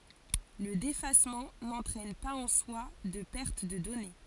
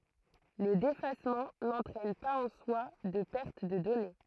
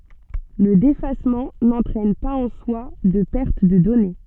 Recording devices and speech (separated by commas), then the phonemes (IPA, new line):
forehead accelerometer, throat microphone, soft in-ear microphone, read sentence
lə defasmɑ̃ nɑ̃tʁɛn paz ɑ̃ swa də pɛʁt də dɔne